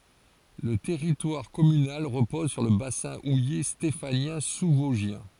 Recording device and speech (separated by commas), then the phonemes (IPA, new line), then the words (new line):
forehead accelerometer, read sentence
lə tɛʁitwaʁ kɔmynal ʁəpɔz syʁ lə basɛ̃ uje stefanjɛ̃ suzvɔzʒjɛ̃
Le territoire communal repose sur le bassin houiller stéphanien sous-vosgien.